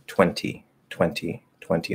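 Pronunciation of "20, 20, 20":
'Twenty' is said in its fully enunciated form, with the t pushed out.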